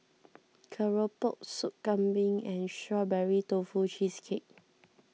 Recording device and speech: mobile phone (iPhone 6), read sentence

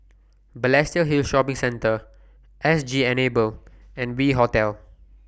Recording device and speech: boundary microphone (BM630), read sentence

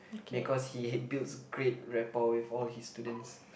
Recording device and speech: boundary microphone, conversation in the same room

